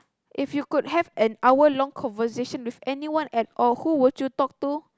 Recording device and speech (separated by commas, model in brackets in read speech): close-talking microphone, conversation in the same room